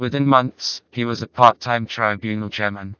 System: TTS, vocoder